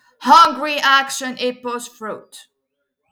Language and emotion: English, neutral